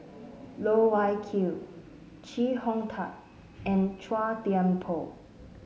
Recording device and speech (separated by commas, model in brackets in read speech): mobile phone (Samsung S8), read sentence